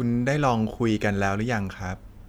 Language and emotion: Thai, neutral